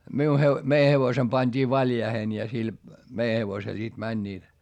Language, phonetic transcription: Finnish, miu he- , mei hevosem pańD'ii valjaihen ja sil , mei hevosel sit mäńńiit .
- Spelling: minun - meidän hevosemme pantiin valjaisiin ja sillä meidän hevosella sitten menivät

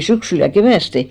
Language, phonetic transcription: Finnish, 'syksyl ja "kevä̀ste .
- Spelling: syksyllä ja keväästi

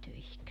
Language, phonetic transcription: Finnish, 'töihik .
- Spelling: töihin

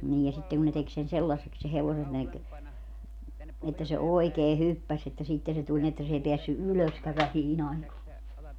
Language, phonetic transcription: Finnish, niij ja sitteŋ kun ne tek sen 'sellasseks se 'hevosen ne ‿k- , että se "oikee "hyppäs että 'sitte se tuĺ ni että s ‿ei 'peässy "ylöskä 'vähii"n ‿aikoo .
- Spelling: niin ja sitten kun ne teki sen sellaiseksi sen hevosen ne - että se oikein hyppäsi että sitten se tuli niin että se ei päässyt ylöskään vähiin aikoihin

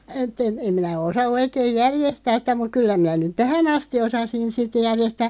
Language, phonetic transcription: Finnish, 'etᵗ ‿en̬ , 'em minä 'osa 'oikeeⁱj "järjestääs sⁱtä muᵏ 'kyllä minä nyt "tähä'n ‿asti 'osasin 'sit järjestää ,.
- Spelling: että en en minä osaa oikein järjestää sitä mutta kyllä minä nyt tähän asti osasin sitten järjestää

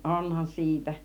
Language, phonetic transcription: Finnish, 'onhan 'si̬itä .
- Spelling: onhan siitä

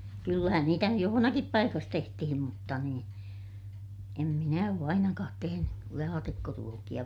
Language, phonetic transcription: Finnish, kyllähän niitä nyj johonakip paikas tehtihim mutta niin , em minä oo ainakaat teheny , laatikkoruokiʲa .
- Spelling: kyllähän niitä nyt jossakin paikassa tehtiin mutta niin en minä ole ainakaan tehnyt laatikkoruokia

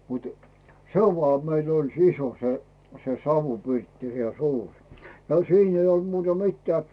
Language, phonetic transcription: Finnish, mutᴜ , "se oĺ voà 'meil ‿oĺ "siso , se se "savupirtti ja "suur , ja "siin ‿ei olᵗ muuta 'mittᵉä̀ .
- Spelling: mutta se oli vain meillä oli se iso se se savupirtti ja suuri ja siinä ei ollut muuta mitään

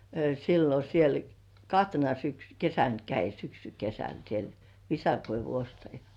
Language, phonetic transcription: Finnish, sillo siel , 'kahtena syksy- , "kesän käi 'syksy'kesän siel , "visakoivu 'ostaja .
- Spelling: silloin siellä kahtena - kesänä kävi syksykesänä siellä visakoivun ostaja

